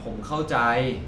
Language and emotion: Thai, frustrated